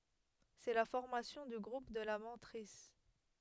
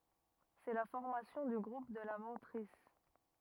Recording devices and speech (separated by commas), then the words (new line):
headset microphone, rigid in-ear microphone, read sentence
C'est la formation du groupe de la mantrisse.